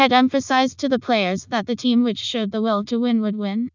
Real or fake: fake